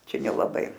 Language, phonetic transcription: Lithuanian, ˈčia nelaˈbai

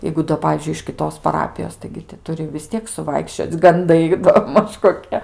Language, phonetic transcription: Lithuanian, ˈjeigu do ˈpavyzdžiui iš kiˈtos paˈrapijos taigi ti ˈturi vis ˈtiek suˈvaikščioc' ganˈdai do ˈmaž koˈkie

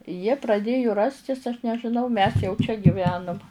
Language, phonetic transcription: Lithuanian, jie praˈdėju ˈrastis aš nežiˈnau mes jau čia gyˈvenum

